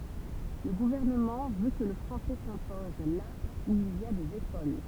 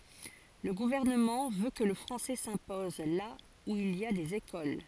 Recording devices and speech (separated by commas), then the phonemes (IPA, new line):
temple vibration pickup, forehead accelerometer, read sentence
lə ɡuvɛʁnəmɑ̃ vø kə lə fʁɑ̃sɛ sɛ̃pɔz la u il i a dez ekol